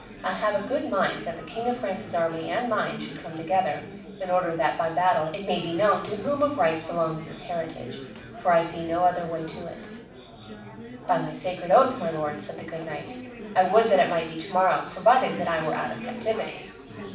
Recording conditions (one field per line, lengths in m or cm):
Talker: one person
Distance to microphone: 5.8 m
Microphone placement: far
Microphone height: 1.8 m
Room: medium-sized (5.7 m by 4.0 m)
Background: babble